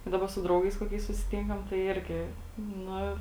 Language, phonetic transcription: Lithuanian, ˈdaba su ˈdraugais koˈkiais susiˈtinkam tai ˈirgi ˈnu

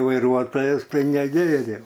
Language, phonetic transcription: Lithuanian, vaiˈruotojas ˈtai neˈgėriau

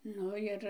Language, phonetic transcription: Lithuanian, ˈnu jir

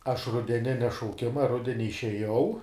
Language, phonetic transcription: Lithuanian, ˈaš rudeˈninia šauˈkima ˈrudeni išeˈjau

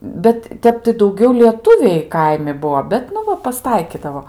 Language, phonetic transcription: Lithuanian, ˈbet ˈtep tai dauˈgiau lieˈtuviai ˈkaimi ˈbuo ˈbet nu ˈva pasˈtaikidavo

